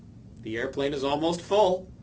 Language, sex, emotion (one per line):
English
male
happy